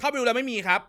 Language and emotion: Thai, angry